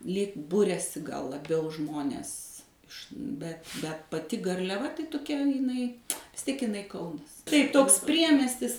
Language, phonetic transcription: Lithuanian, lyg ˈburiasi gal laˈbiau ˈžmonės iš ˈbet bet paˈti garliaˈva tai toˈkia iˈnai vis ˈtiek iˈnai ˈkaunas taip ˈtoks ˈpriemestis

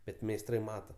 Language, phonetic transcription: Lithuanian, ˈbet meisˈtrai ˈmata

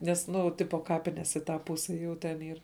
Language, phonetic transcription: Lithuanian, ˈnes ˈnu ˈtipo ˈkapines į ˈtą ˈpuse jų ten ˈyr

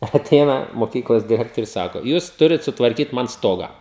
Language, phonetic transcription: Lithuanian, aˈteina moˈkyklos diˈrektorius ˈsako ˈjūs ˈturit sutvarˈkyt ˈman ˈstoga

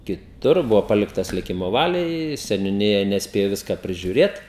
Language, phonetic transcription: Lithuanian, kiˈtur ˈbuvo ˈpaliktas liˈkimo ˈvaliai seniuˈnija nesˈpėjo ˈviska prižiuˈrėt

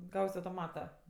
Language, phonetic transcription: Lithuanian, ˈgaus' autoˈmata

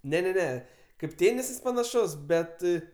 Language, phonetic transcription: Lithuanian, ne ne ˈne kaip ˈtėnisas panaˈšus ˈbet

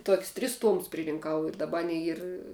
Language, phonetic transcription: Lithuanian, tok's' tris ˈtuomus pririnˈkau ir daˈbar ˈanei ˈyr

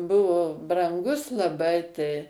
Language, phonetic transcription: Lithuanian, ˈbuvo branˈgus laˈbai tai

